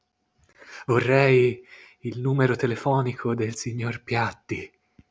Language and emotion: Italian, fearful